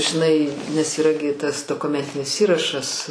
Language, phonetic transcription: Lithuanian, žiˈnai nes yˈra gi ˈtas dokuˈmentinis ˈįrašas

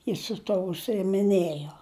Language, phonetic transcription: Lithuanian, ˈjis su ˈtuo užsiimiˈnėjo

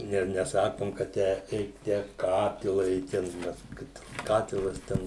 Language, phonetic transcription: Lithuanian, ˈne neˈsakom ka ˈtę ˈeik tę ˈkatila i ˈten ˈmes ˈkad ˈkatilas ˈten

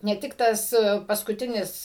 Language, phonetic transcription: Lithuanian, ne ˈtik tas paskuˈtinis

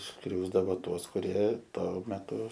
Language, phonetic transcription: Lithuanian, ˈskriausdavoˈtuos kuˈrie ˈto meˈtu

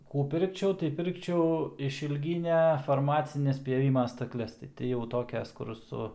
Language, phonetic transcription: Lithuanian, ˈkų ˈpirkčiau tai ˈpirkčiau išylˈgynia farˈmacines pjaˈvima stakˈles tai ti jau ˈtokias ˈkur ˈsu

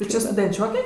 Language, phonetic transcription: Lithuanian, tu ˈči studenˈčioke

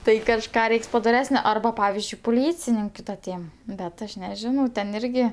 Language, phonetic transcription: Lithuanian, ˈtai kažˈką ˈreiks padoˈresnio arˈba ˈpavizdžiui puˈlycininkiu ta ˈtėm bet ˈaš neˈžinau ten ˈirgi

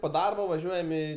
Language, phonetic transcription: Lithuanian, po ˈdarba vaˈžiuojam i

